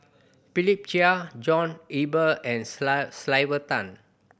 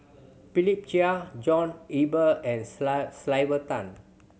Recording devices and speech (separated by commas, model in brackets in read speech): boundary microphone (BM630), mobile phone (Samsung C7100), read sentence